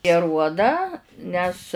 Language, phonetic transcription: Lithuanian, i aˈruodą ˈnes

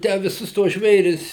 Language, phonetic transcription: Lithuanian, ˈtę viˈsus tuos ˈžvėris

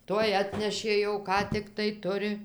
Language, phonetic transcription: Lithuanian, ˈtuoj ˈatnešė jau ˈką tikˈtai ˈturi

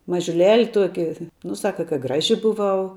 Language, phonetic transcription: Lithuanian, mažiuˈleli ˈtuoki ˈnu ˈsaka ka ˈgraži buˈvau

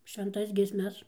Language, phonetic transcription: Lithuanian, švenˈtas giesˈmes

